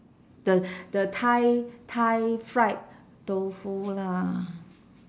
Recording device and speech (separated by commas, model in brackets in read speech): standing microphone, conversation in separate rooms